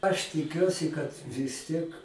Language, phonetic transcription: Lithuanian, aš tiˈkiuosi kad vis ˈtiek

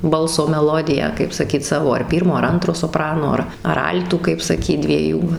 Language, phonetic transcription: Lithuanian, ˈbalso meˈlodiją kaip saˈkyt ˈsavo ar ˈpyrmo ar ˈantro soˈprano ˈar ar ˈal'tų kaip saˈkyt dvieˈjų

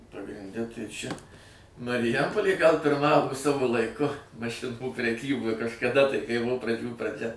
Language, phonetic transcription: Lithuanian, pagrinˈde tai ˈčia mariˈjampolė gal pirˈmavo ˈsavo laiˈku maˈšinų preˈkyboj kažkaˈda tai kai ˈbuvo praˈdžių praˈdžia

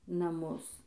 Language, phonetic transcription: Lithuanian, naˈmus

